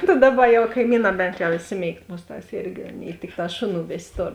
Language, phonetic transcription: Lithuanian, ta ˈdaˌba jau kaiˈmyˌnā ˈbent jau išˈsiˌmėigt ˈmusˌtās ˈirgi ˈaˌnėi ˈtikˌtā ˈšoˌnų ˈvės' ˈtor

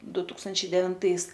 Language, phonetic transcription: Lithuanian, ˈdu ˈtūkstančiai devinˈtais

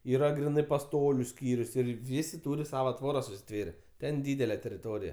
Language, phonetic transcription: Lithuanian, ˈyra griˈnɜ paˈstoliu ˈskyrius ˈir ˈvisi ˈtūri ˈsavo ˈtvoras užsiˈtvėre ˈten ˈdydele teriˈtorija

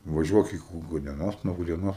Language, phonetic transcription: Lithuanian, vaˈžiuok iki gudieˈnos nuo gudieˈnos

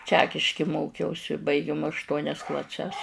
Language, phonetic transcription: Lithuanian, ˈčekiški ˈmokiausi baiˈgim ašˈtuonias klaˈses

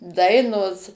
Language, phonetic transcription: Lithuanian, ˈdainos

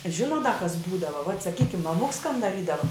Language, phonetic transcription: Lithuanian, ˈžinot da kas ˈbūdava vat saˈkykim maˈmuks kan daˈrydava

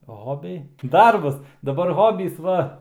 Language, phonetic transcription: Lithuanian, ˈhobiai ˈdarbas daˈbar ˈhobys ˈva

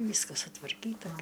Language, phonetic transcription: Lithuanian, ˈvyskas sutvarˈkyta gi

